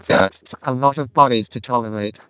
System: VC, vocoder